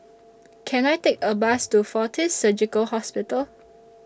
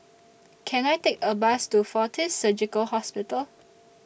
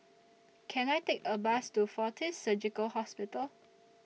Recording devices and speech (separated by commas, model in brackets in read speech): standing microphone (AKG C214), boundary microphone (BM630), mobile phone (iPhone 6), read sentence